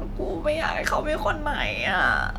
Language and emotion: Thai, sad